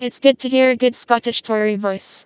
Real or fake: fake